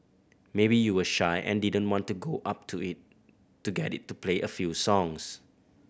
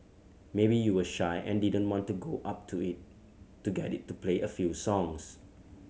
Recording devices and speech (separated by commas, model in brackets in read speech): boundary microphone (BM630), mobile phone (Samsung C7100), read sentence